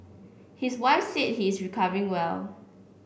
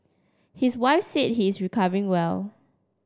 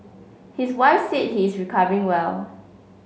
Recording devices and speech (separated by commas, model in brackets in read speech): boundary microphone (BM630), standing microphone (AKG C214), mobile phone (Samsung C5), read sentence